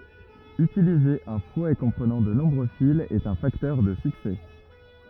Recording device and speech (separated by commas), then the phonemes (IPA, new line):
rigid in-ear microphone, read sentence
ytilize œ̃ fwɛ kɔ̃pʁənɑ̃ də nɔ̃bʁø filz ɛt œ̃ faktœʁ də syksɛ